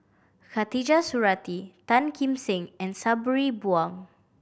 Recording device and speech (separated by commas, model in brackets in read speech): boundary microphone (BM630), read sentence